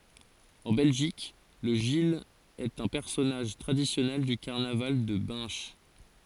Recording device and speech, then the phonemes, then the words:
forehead accelerometer, read sentence
ɑ̃ bɛlʒik lə ʒil ɛt œ̃ pɛʁsɔnaʒ tʁadisjɔnɛl dy kaʁnaval də bɛ̃ʃ
En Belgique, le gille est un personnage traditionnel du carnaval de Binche.

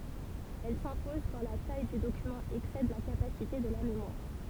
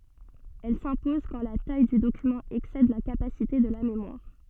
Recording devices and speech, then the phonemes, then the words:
temple vibration pickup, soft in-ear microphone, read sentence
ɛl sɛ̃pɔz kɑ̃ la taj dy dokymɑ̃ ɛksɛd la kapasite də la memwaʁ
Elle s'impose quand la taille du document excède la capacité de la mémoire.

